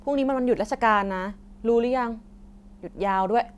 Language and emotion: Thai, neutral